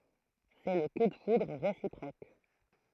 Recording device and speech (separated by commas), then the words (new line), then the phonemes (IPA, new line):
throat microphone, read sentence
C’est le coup de foudre réciproque.
sɛ lə ku də fudʁ ʁesipʁok